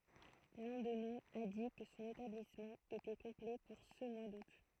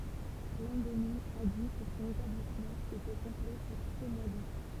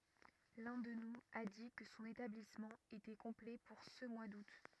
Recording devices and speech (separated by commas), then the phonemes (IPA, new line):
throat microphone, temple vibration pickup, rigid in-ear microphone, read sentence
lœ̃ dø nuz a di kə sɔ̃n etablismɑ̃ etɛ kɔ̃plɛ puʁ sə mwa dut